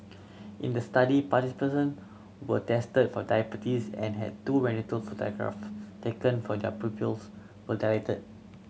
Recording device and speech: mobile phone (Samsung C7100), read sentence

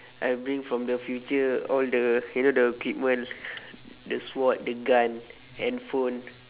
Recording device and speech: telephone, conversation in separate rooms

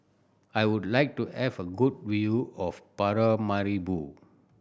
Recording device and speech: boundary microphone (BM630), read sentence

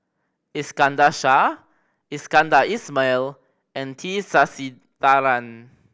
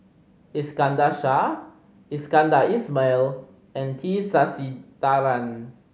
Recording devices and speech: boundary microphone (BM630), mobile phone (Samsung C5010), read sentence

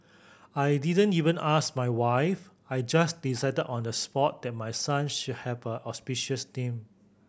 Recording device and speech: boundary microphone (BM630), read sentence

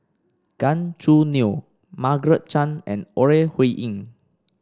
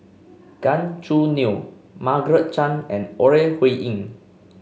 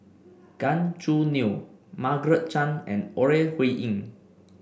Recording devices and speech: standing microphone (AKG C214), mobile phone (Samsung C5), boundary microphone (BM630), read sentence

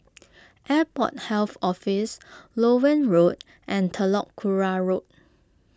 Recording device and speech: close-talking microphone (WH20), read sentence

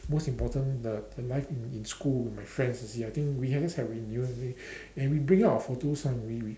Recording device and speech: standing microphone, conversation in separate rooms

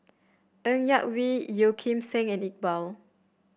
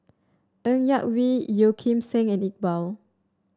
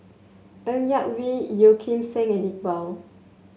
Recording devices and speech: boundary microphone (BM630), standing microphone (AKG C214), mobile phone (Samsung S8), read sentence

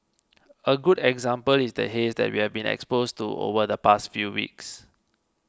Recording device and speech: close-talking microphone (WH20), read sentence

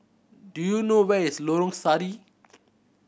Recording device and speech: boundary microphone (BM630), read sentence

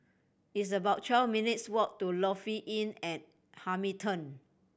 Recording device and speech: boundary microphone (BM630), read sentence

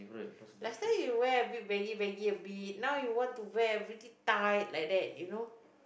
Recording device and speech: boundary microphone, conversation in the same room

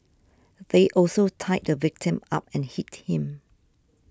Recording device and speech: standing microphone (AKG C214), read sentence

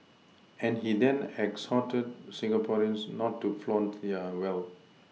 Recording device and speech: mobile phone (iPhone 6), read sentence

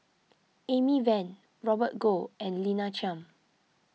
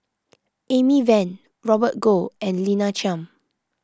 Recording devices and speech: mobile phone (iPhone 6), close-talking microphone (WH20), read sentence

